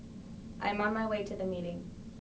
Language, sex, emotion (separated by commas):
English, female, neutral